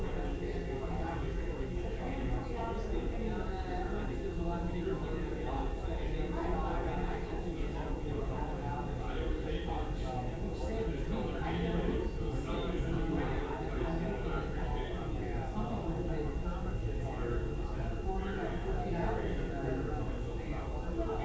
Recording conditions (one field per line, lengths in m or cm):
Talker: no one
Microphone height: 3 cm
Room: large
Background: babble